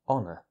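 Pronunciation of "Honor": In 'honor', the H is completely silent and so is the R, as in standard British English. The word ends in a schwa vowel sound.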